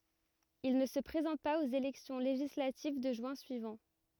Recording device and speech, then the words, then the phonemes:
rigid in-ear microphone, read sentence
Il ne se présente pas aux élections législatives de juin suivant.
il nə sə pʁezɑ̃t paz oz elɛksjɔ̃ leʒislativ də ʒyɛ̃ syivɑ̃

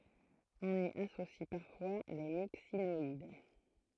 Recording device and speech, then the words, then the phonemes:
throat microphone, read sentence
On y associe parfois les Myxinoïdes.
ɔ̃n i asosi paʁfwa le miksinɔid

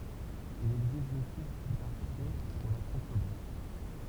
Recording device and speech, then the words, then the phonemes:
temple vibration pickup, read sentence
Il existe deux types d'archet pour la contrebasse.
il ɛɡzist dø tip daʁʃɛ puʁ la kɔ̃tʁəbas

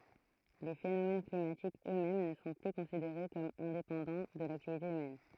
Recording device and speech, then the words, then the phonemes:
throat microphone, read sentence
Les phénomènes climatiques eux-mêmes ne sont plus considérés comme indépendants de l'activité humaine.
le fenomɛn klimatikz ø mɛm nə sɔ̃ ply kɔ̃sideʁe kɔm ɛ̃depɑ̃dɑ̃ də laktivite ymɛn

